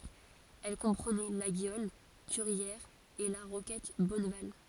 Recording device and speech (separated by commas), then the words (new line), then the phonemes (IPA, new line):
forehead accelerometer, read sentence
Elle comprenait Laguiole, Curières et la Roquette Bonneval.
ɛl kɔ̃pʁənɛ laɡjɔl kyʁjɛʁz e la ʁokɛt bɔnval